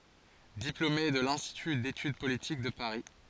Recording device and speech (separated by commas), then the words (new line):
forehead accelerometer, read sentence
Diplômé de l'Institut d'Études Politiques de Paris.